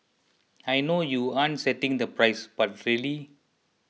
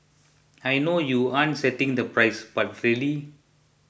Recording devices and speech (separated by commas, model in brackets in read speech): mobile phone (iPhone 6), boundary microphone (BM630), read sentence